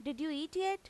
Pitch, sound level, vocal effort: 310 Hz, 90 dB SPL, loud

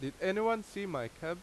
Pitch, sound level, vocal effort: 190 Hz, 88 dB SPL, loud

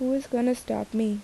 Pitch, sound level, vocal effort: 245 Hz, 78 dB SPL, soft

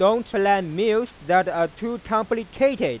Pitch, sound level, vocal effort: 220 Hz, 99 dB SPL, loud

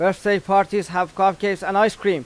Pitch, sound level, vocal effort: 195 Hz, 94 dB SPL, loud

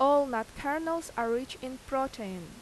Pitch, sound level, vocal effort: 260 Hz, 86 dB SPL, loud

